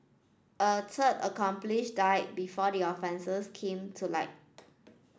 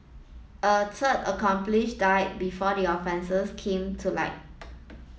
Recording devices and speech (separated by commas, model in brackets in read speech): standing microphone (AKG C214), mobile phone (iPhone 7), read sentence